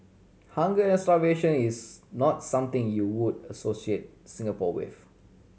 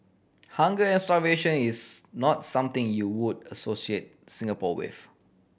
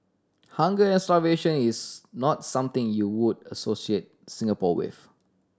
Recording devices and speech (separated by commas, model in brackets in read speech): mobile phone (Samsung C7100), boundary microphone (BM630), standing microphone (AKG C214), read sentence